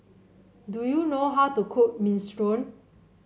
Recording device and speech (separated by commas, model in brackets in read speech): mobile phone (Samsung C7), read sentence